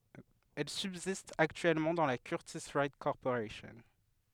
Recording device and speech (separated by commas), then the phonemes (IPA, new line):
headset microphone, read sentence
ɛl sybzist aktyɛlmɑ̃ dɑ̃ la kyʁtis wajt kɔʁpoʁasjɔ̃